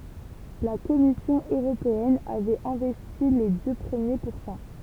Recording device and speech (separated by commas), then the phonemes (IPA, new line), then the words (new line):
temple vibration pickup, read sentence
la kɔmisjɔ̃ øʁopeɛn avɛt ɛ̃vɛsti le dø pʁəmje puʁsɑ̃
La Commission européenne avait investi les deux premiers pourcents.